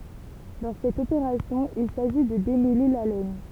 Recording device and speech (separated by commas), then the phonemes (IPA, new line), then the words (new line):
temple vibration pickup, read sentence
dɑ̃ sɛt opeʁasjɔ̃ il saʒi də demɛle la lɛn
Dans cette opération, il s'agit de démêler la laine.